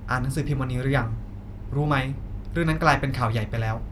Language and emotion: Thai, neutral